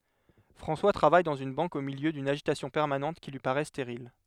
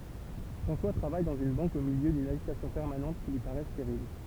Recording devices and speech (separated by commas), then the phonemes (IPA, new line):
headset microphone, temple vibration pickup, read sentence
fʁɑ̃swa tʁavaj dɑ̃z yn bɑ̃k o miljø dyn aʒitasjɔ̃ pɛʁmanɑ̃t ki lyi paʁɛ steʁil